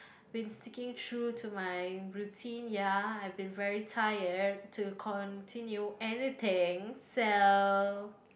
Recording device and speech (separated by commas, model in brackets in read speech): boundary microphone, conversation in the same room